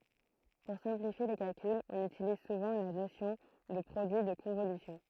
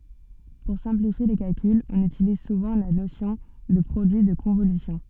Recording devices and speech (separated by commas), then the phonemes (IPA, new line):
throat microphone, soft in-ear microphone, read sentence
puʁ sɛ̃plifje le kalkylz ɔ̃n ytiliz suvɑ̃ la nosjɔ̃ də pʁodyi də kɔ̃volysjɔ̃